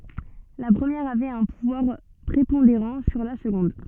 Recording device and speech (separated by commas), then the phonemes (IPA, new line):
soft in-ear microphone, read sentence
la pʁəmjɛʁ avɛt œ̃ puvwaʁ pʁepɔ̃deʁɑ̃ syʁ la səɡɔ̃d